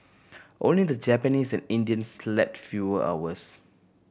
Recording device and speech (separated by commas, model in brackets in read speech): boundary microphone (BM630), read sentence